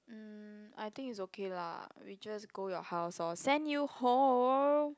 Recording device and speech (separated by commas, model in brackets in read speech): close-talking microphone, conversation in the same room